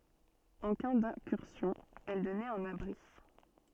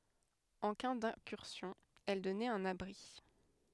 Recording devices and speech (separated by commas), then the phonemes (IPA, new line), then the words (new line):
soft in-ear microphone, headset microphone, read sentence
ɑ̃ ka dɛ̃kyʁsjɔ̃ ɛl dɔnɛt œ̃n abʁi
En cas d'incursion, elle donnait un abri.